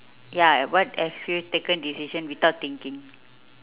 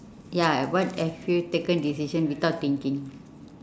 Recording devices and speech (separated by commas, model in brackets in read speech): telephone, standing microphone, conversation in separate rooms